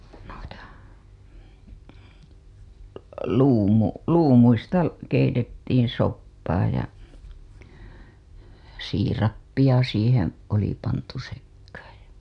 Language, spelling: Finnish, niitä - luumuista keitettiin soppaa ja siirappia siihen oli pantu sekaan ja
- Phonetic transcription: (nuita) , 'luumu- , 'luumuista , keitettiin̬ soppaa ja , 'siirappiʲa siiheḛ , oli pantu sekkaaj ja .

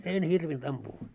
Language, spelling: Finnish, en hirvinnyt ampua
- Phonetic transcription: 'en 'hirvint ampuu .

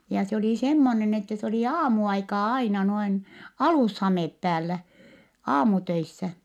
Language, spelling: Finnish, ja se oli semmoinen että se oli aamuaikaan aina noin alushame päällä aamutöissä
- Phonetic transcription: ja se oli semmonen , että se oli aamu₍aikaa aina noin , alùshamèp päällä , aamutöissä .

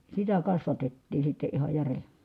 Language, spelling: Finnish, sitä kasvatettiin sitten ihan jären
- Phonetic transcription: sitä kasvatettiin̬ sitte iha järe .

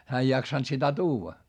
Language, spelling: Finnish, hän ei jaksanut sitä tuoda
- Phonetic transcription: hää ei jaksant sitä tuuva .

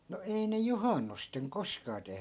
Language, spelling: Finnish, no ei ne juhannuksena koskaan tehnyt
- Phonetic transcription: no 'ei ne "juhannusteŋ 'koskaa tehny .

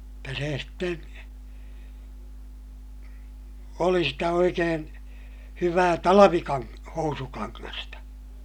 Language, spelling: Finnish, jotta se sitten oli sitä oikein hyvää - housukangasta
- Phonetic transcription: jotta sè sten , oli sitä oikeen , hyvää talavikaŋ- , housukaŋŋasta .

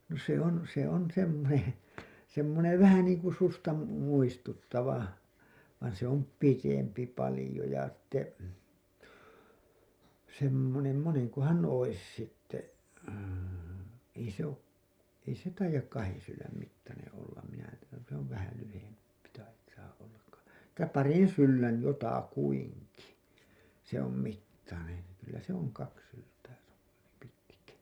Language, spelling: Finnish, no se on se on semmoinen semmoinen vähän niin kuin suksea - muistuttava vaan se on pidempi paljon ja sitten semmoinen monenkohan olisi sitten ei se ole ei se taida kahden sylen mittainen olla minä se on vähän lyhempi taitaa olla - että parin sylen jotakuinkin se on mittainen kyllä se on kaksi syltä pitkä
- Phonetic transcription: no se on , se on semmonen̬ , semmonev "vähä niiŋku "susta mu- , muistuttava , vain se om "pitempi 'palĭjo ja sᴵtte , semmonem , moneŋkohan ois sitte , ei se ‿o' , ei se 'taijak 'kahen sylläm mittaneḛ ollam minä , se ‿ov vähäl lyhempI , tait̀aa ollak ka- , [et]tä "parin 'syllän , 'jotakuiŋki , se ‿om 'mittanen̬ , kyllä se ‿oŋ 'kaks syltää pitkä .

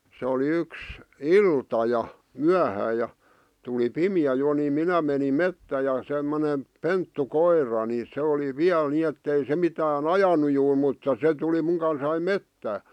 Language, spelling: Finnish, se oli yksi ilta ja myöhään ja tuli pimeä jo niin minä menin metsään ja semmoinen pentukoira niin se oli vielä niin että ei se mitään ajanut juuri mutta se tuli minun kanssani metsään
- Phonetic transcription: se oli 'yks , "ilta ja , "myähää ja , tuli "pimi₍ä jo nii 'minä menim "mettää ja semmone , 'penttu'koir̀a ni se oli "viäl ni ettei se 'mitää"n ‿ajanu juu(r) mutta 'se tuli muŋ kansai "mettää .

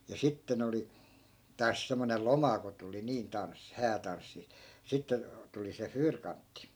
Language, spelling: Finnish, ja sitten oli taas semmoinen loma kun tuli niin tanssi häätanssi sitten tuli se fyyrkantti
- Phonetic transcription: ja 'sitten ‿oli , 'taas semmonel̆ "loma ko tuli 'niin tanssi , 'häätanssi , 'sitte , tuli se "fyyrkantti .

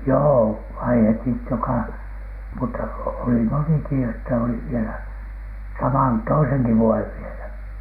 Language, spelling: Finnish, joo vaihdettiin joka mutta oli monikin että oli vielä saman toisenkin vuoden vielä
- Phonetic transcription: joo "vaihetit , joka , mutta oli 'moniki että oli vielä , 'saman , "toiseŋki 'vuojev vielä .

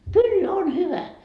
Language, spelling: Finnish, kyllä on hyvä
- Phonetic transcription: "kyl'l ‿on "hyvä .

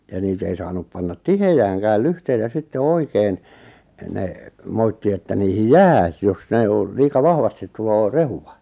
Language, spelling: Finnish, ja niitä ei saanut panna tiheäänkään lyhteitä sitten oikein ne moitti että niihin jää - jos ne on liika vahvasti tulee rehua
- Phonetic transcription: ja 'niit ‿ei saanup pannat "tihejääŋkääl 'lyhteitä 'sitte "oikeen , 'ne , 'moitti että 'niihij "jää s- jos 'ne o , liika 'vahvastit tuloo "rehuwa .

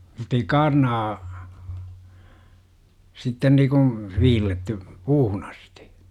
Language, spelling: Finnish, mutta ei kaarnaa sitten niin kuin viilletty puuhun asti
- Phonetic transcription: muttei "kaarnaa , 'sitten niikuṵ , 'viilletty , "puuhun ‿astI .

